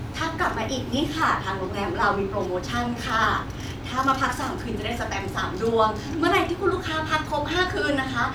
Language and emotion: Thai, happy